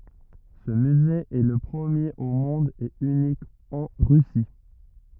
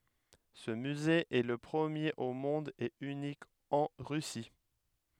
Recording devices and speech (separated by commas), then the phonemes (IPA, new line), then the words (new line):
rigid in-ear microphone, headset microphone, read sentence
sə myze ɛ lə pʁəmjeʁ o mɔ̃d e ynik ɑ̃ ʁysi
Ce musée est le premier au monde et unique en Russie.